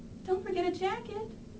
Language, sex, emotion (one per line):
English
female
neutral